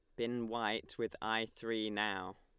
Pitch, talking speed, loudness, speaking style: 110 Hz, 165 wpm, -38 LUFS, Lombard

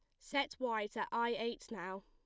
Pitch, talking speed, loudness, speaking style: 230 Hz, 195 wpm, -39 LUFS, plain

